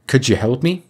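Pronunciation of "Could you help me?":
This is the assimilated pronunciation. The d sound at the end of 'could' blends with 'you' into a new sound, a type of assimilation called palatalization.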